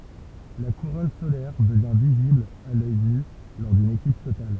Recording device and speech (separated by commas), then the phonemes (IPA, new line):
temple vibration pickup, read sentence
la kuʁɔn solɛʁ dəvjɛ̃ vizibl a lœj ny lɔʁ dyn eklips total